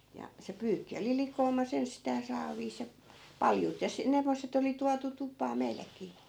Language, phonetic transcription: Finnish, ja , se 'pyykki oli 'likoomas 'enstää 'saaviis ja , "paljut ja se- , '(n)emmosset ‿oli tuatu 'tupaa 'meilläkii .
- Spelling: ja se pyykki oli likoamassa ensistään saaveissa ja paljut ja - sen semmoiset oli tuotu tupaan meilläkin

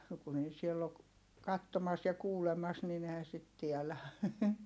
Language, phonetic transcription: Finnish, no kun ‿ei siell ‿ok , kattomas ja kuulemas nin ‿ehän sit tiɛlä .
- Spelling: no kun ei siellä ole katsomassa ja kuulemassa niin eihän sitä tiedä

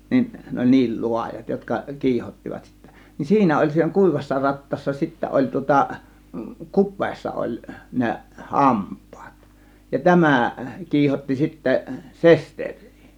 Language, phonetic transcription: Finnish, nin , 'ne oĺ "niil 'lu̬ajat jotka , 'kiihottivat sittä , nin 'siinä oĺ siinä "kùivassa 'rattaassa sittä 'oĺ tŭŏta , "kup̆peessa oĺ 'ne , "hamp̆pAAt , ja "tämä̀ 'kiihotti sitte , "sester̀̆rII .
- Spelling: niin ne oli niin laajat jotka kiihottivat sitten niin siinä oli siinä kuivassa rattaassa sitten oli tuota kupeessa oli ne hampaat ja tämä kiihotti sitten sesteriä

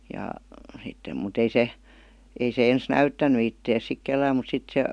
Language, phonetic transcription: Finnish, ja , sittem mu't ‿ei 'se , 'ei se ens "näyttäny ittees sik "kellääm mut 'sit se ,.
- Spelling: ja sitten mutta ei se ei se ensin näyttänyt itseänsä sitten kenellekään mutta sitten se

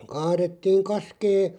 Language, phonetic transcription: Finnish, 'kaarettiiŋ "kaskee ,.
- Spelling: kaadettiin kaskea

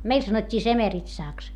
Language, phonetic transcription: Finnish, meil sanot́t́ii semeritsàks .
- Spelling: meillä sanottiin semeritsaksi

